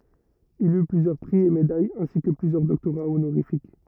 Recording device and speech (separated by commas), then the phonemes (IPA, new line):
rigid in-ear microphone, read sentence
il y plyzjœʁ pʁi e medajz ɛ̃si kə plyzjœʁ dɔktoʁa onoʁifik